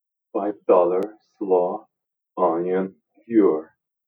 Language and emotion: English, angry